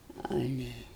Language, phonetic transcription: Lithuanian, ˈale

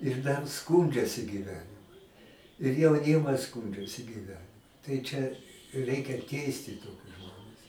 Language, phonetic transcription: Lithuanian, ir dar ˈskūndžiasi gyˈvenimu ir jauˈnimas ˈskūndžiasi gyˈvenimu tai ˈčia ˈreikia ˈteisti ˈtokius ˈžmones

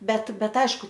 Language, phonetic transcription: Lithuanian, ˈbet ˈbet ˈaišku

